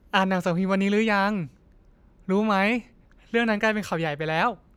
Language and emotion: Thai, frustrated